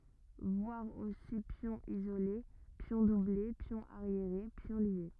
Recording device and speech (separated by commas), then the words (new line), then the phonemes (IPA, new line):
rigid in-ear microphone, read sentence
Voir aussi pion isolé, pions doublés, pion arriéré, pions liés.
vwaʁ osi pjɔ̃ izole pjɔ̃ duble pjɔ̃ aʁjeʁe pjɔ̃ lje